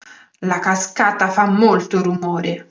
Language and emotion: Italian, angry